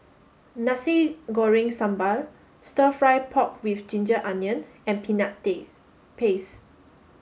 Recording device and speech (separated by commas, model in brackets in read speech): mobile phone (Samsung S8), read sentence